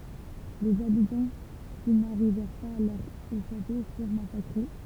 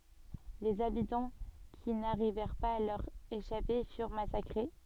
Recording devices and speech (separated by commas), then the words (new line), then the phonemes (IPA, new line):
temple vibration pickup, soft in-ear microphone, read sentence
Les habitants qui n'arrivèrent pas à leur échapper furent massacrés.
lez abitɑ̃ ki naʁivɛʁ paz a lœʁ eʃape fyʁ masakʁe